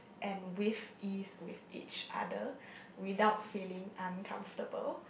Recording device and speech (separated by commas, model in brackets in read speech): boundary microphone, conversation in the same room